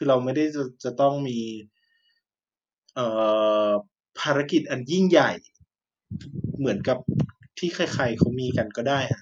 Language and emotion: Thai, frustrated